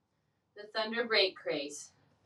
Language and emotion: English, fearful